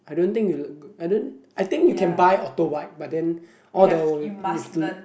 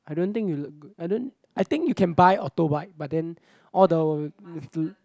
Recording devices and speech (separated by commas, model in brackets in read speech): boundary microphone, close-talking microphone, conversation in the same room